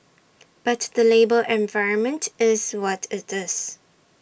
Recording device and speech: boundary microphone (BM630), read sentence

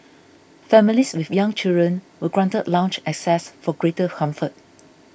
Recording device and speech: boundary microphone (BM630), read sentence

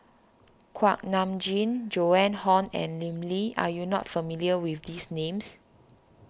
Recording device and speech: standing microphone (AKG C214), read sentence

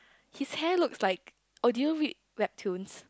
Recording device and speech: close-talking microphone, conversation in the same room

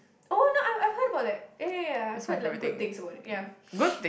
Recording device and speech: boundary microphone, conversation in the same room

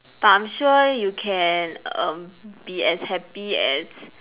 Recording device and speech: telephone, conversation in separate rooms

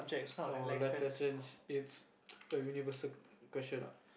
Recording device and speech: boundary microphone, conversation in the same room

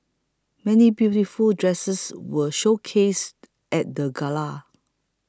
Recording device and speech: close-talking microphone (WH20), read sentence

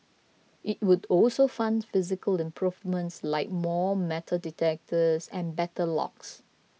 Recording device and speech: mobile phone (iPhone 6), read sentence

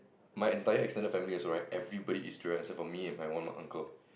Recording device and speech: boundary microphone, conversation in the same room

